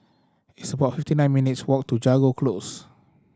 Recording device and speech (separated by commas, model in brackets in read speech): standing microphone (AKG C214), read sentence